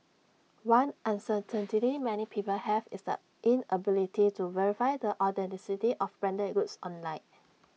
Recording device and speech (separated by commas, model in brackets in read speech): mobile phone (iPhone 6), read sentence